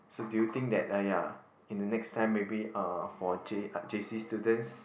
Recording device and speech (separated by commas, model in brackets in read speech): boundary microphone, conversation in the same room